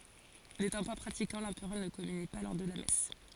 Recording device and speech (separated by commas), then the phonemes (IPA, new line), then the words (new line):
forehead accelerometer, read sentence
netɑ̃ pa pʁatikɑ̃ lɑ̃pʁœʁ nə kɔmyni pa lɔʁ də la mɛs
N'étant pas pratiquant, l'Empereur ne communie pas lors de la messe.